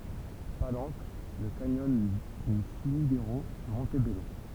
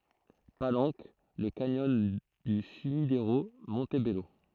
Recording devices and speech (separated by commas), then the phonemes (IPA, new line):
temple vibration pickup, throat microphone, read sentence
palɑ̃k lə kanjɔn dy symideʁo mɔ̃tbɛlo